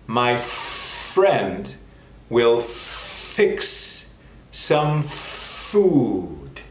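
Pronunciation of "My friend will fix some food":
In 'My friend will fix some food', the f sounds in 'friend', 'fix' and 'food' are held a little longer than usual.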